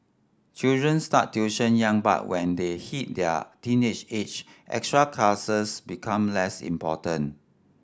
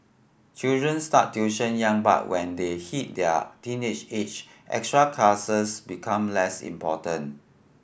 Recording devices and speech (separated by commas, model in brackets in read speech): standing microphone (AKG C214), boundary microphone (BM630), read sentence